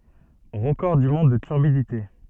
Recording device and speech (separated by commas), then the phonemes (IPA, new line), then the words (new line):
soft in-ear microphone, read sentence
ʁəkɔʁ dy mɔ̃d də tyʁbidite
Record du monde de turbidité.